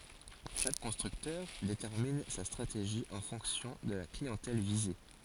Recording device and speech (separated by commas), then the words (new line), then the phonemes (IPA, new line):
forehead accelerometer, read sentence
Chaque constructeur détermine sa stratégie en fonction de la clientèle visée.
ʃak kɔ̃stʁyktœʁ detɛʁmin sa stʁateʒi ɑ̃ fɔ̃ksjɔ̃ də la kliɑ̃tɛl vize